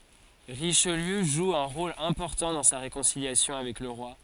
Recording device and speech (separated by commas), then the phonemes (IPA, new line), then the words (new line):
forehead accelerometer, read sentence
ʁiʃliø ʒu œ̃ ʁol ɛ̃pɔʁtɑ̃ dɑ̃ sa ʁekɔ̃siljasjɔ̃ avɛk lə ʁwa
Richelieu joue un rôle important dans sa réconciliation avec le roi.